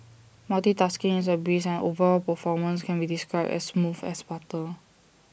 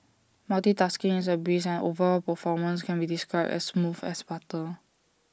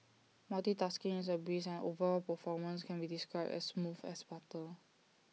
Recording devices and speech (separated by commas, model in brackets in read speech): boundary microphone (BM630), standing microphone (AKG C214), mobile phone (iPhone 6), read sentence